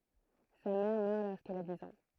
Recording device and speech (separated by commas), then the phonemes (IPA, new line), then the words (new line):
throat microphone, read sentence
sa mɛʁ mœʁ loʁskil a diz ɑ̃
Sa mère meurt lorsqu'il a dix ans.